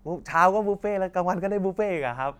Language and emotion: Thai, happy